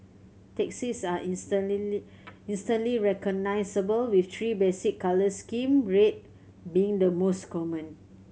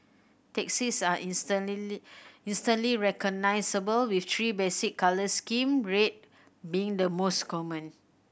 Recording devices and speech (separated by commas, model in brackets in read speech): mobile phone (Samsung C7100), boundary microphone (BM630), read sentence